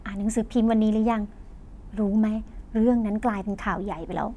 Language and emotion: Thai, happy